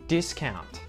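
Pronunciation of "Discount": In 'discount', the final t is pronounced, not muted.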